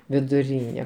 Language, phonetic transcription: Lithuanian, viduˈryne

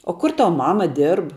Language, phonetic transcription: Lithuanian, o ˈkur ˈtav ˈmama ˈdirb

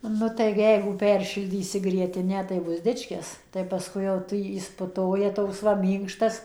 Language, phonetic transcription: Lithuanian, ˈnu tai ˈjeigu ˈpersišildysi grieˈtinę tai ˈbus ˈdičkis tai paˈskui jau ˈtu ˈjis puˈtoja ˈtoks va ˈmynkštas

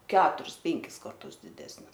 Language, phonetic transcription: Lithuanian, ˈketuris ˈpenkis karˈtus diˈdesnis

